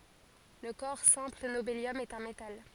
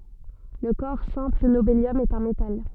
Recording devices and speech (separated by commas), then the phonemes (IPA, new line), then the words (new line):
forehead accelerometer, soft in-ear microphone, read sentence
lə kɔʁ sɛ̃pl nobeljɔm ɛt œ̃ metal
Le corps simple nobélium est un métal.